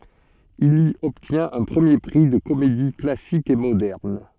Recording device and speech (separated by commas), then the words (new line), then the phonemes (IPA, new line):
soft in-ear microphone, read sentence
Il y obtient un premier prix de comédie classique et moderne.
il i ɔbtjɛ̃t œ̃ pʁəmje pʁi də komedi klasik e modɛʁn